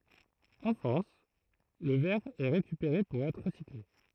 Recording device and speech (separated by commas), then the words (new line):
throat microphone, read sentence
En France, le verre est récupéré pour être recyclé.